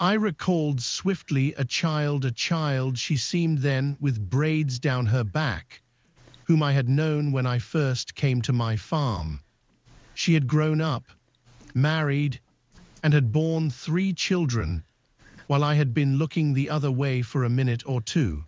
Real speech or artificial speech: artificial